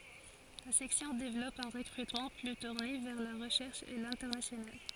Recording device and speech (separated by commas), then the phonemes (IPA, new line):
forehead accelerometer, read sentence
la sɛksjɔ̃ devlɔp œ̃ ʁəkʁytmɑ̃ ply tuʁne vɛʁ la ʁəʃɛʁʃ e lɛ̃tɛʁnasjonal